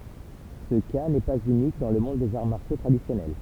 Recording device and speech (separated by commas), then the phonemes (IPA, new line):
temple vibration pickup, read sentence
sə ka nɛ paz ynik dɑ̃ lə mɔ̃d dez aʁ maʁsjo tʁadisjɔnɛl